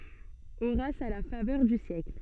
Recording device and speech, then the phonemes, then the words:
soft in-ear microphone, read sentence
oʁas a la favœʁ dy sjɛkl
Horace a la faveur du siècle.

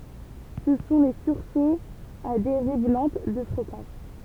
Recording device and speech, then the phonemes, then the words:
temple vibration pickup, read sentence
sə sɔ̃ le syʁsoz a deʁiv lɑ̃t də fʁekɑ̃s
Ce sont les sursauts à dérive lente de fréquence.

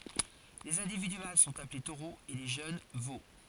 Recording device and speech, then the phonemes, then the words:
forehead accelerometer, read sentence
lez ɛ̃dividy mal sɔ̃t aple toʁoz e le ʒøn vo
Les individus mâles sont appelés taureaux et les jeunes, veaux.

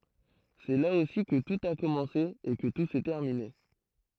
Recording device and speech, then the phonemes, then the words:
throat microphone, read sentence
sɛ la osi kə tut a kɔmɑ̃se e kə tu sɛ tɛʁmine
C'est là aussi que tout a commencé et que tout s'est terminé.

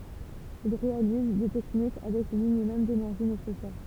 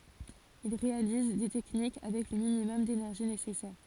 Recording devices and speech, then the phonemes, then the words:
temple vibration pickup, forehead accelerometer, read sentence
il ʁealiz de tɛknik avɛk lə minimɔm denɛʁʒi nesɛsɛʁ
Ils réalisent des techniques avec le minimum d'énergie nécessaire.

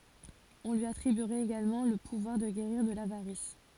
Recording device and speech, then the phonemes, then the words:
forehead accelerometer, read sentence
ɔ̃ lyi atʁibyʁɛt eɡalmɑ̃ lə puvwaʁ də ɡeʁiʁ də lavaʁis
On lui attribuerait également le pouvoir de guérir de l'avarice.

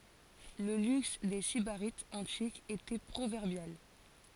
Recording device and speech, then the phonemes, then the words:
forehead accelerometer, read sentence
lə lyks de sibaʁitz ɑ̃tikz etɛ pʁovɛʁbjal
Le luxe des Sybarites antiques était proverbial.

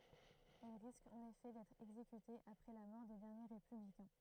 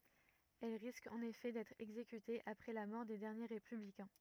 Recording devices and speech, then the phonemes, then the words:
throat microphone, rigid in-ear microphone, read sentence
ɛl ʁiskt ɑ̃n efɛ dɛtʁ ɛɡzekytez apʁɛ la mɔʁ de dɛʁnje ʁepyblikɛ̃
Elles risquent en effet d'être exécutées, après la mort des derniers républicains.

